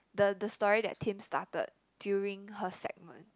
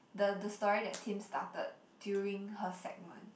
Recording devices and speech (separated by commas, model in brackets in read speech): close-talking microphone, boundary microphone, conversation in the same room